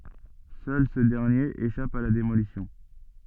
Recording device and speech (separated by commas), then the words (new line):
soft in-ear microphone, read sentence
Seul ce dernier échappe à la démolition.